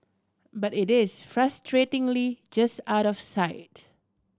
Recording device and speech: standing microphone (AKG C214), read sentence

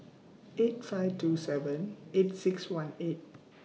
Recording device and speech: mobile phone (iPhone 6), read sentence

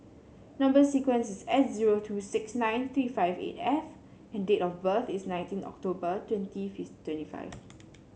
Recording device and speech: mobile phone (Samsung C7), read sentence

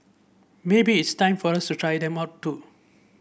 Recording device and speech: boundary microphone (BM630), read sentence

